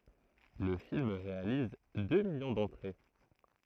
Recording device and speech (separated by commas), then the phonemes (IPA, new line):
throat microphone, read sentence
lə film ʁealiz dø miljɔ̃ dɑ̃tʁe